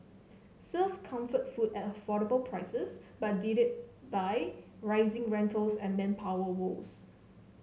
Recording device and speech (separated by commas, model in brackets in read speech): mobile phone (Samsung C7), read sentence